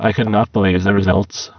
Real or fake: fake